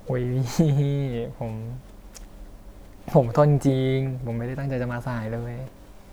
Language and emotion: Thai, happy